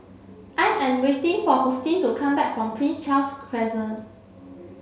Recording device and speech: mobile phone (Samsung C7), read sentence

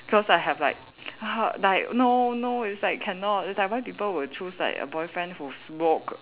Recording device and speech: telephone, conversation in separate rooms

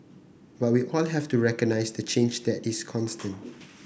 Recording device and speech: boundary microphone (BM630), read sentence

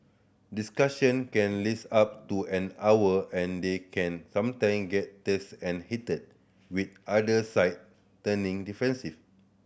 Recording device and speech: boundary microphone (BM630), read sentence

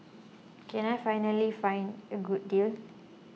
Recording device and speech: mobile phone (iPhone 6), read sentence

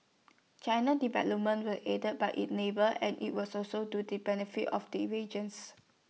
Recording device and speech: mobile phone (iPhone 6), read sentence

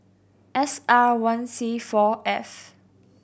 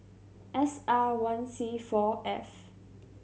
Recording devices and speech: boundary microphone (BM630), mobile phone (Samsung C7100), read sentence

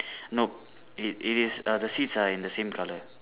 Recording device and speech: telephone, conversation in separate rooms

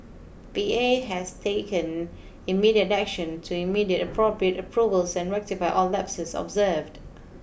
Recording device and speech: boundary microphone (BM630), read sentence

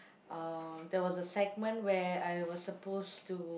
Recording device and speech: boundary microphone, conversation in the same room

